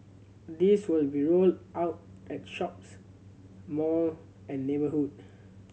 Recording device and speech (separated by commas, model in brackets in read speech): mobile phone (Samsung C7100), read sentence